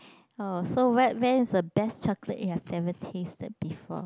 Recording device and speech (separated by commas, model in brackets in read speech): close-talking microphone, conversation in the same room